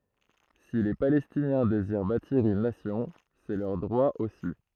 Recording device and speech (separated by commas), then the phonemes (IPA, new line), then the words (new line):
throat microphone, read sentence
si le palɛstinjɛ̃ deziʁ batiʁ yn nasjɔ̃ sɛ lœʁ dʁwa osi
Si les Palestiniens désirent bâtir une nation, c'est leur droit aussi.